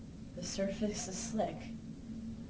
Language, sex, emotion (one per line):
English
female
neutral